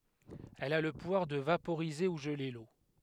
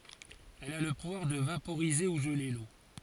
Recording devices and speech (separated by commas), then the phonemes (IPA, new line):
headset microphone, forehead accelerometer, read sentence
ɛl a lə puvwaʁ də vapoʁize u ʒəle lo